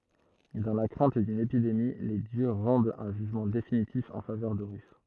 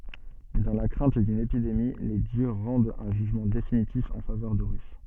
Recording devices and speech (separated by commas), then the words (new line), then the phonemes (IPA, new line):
throat microphone, soft in-ear microphone, read sentence
Dans la crainte d'une épidémie, les dieux rendent un jugement définitif en faveur d'Horus.
dɑ̃ la kʁɛ̃t dyn epidemi le djø ʁɑ̃dt œ̃ ʒyʒmɑ̃ definitif ɑ̃ favœʁ doʁys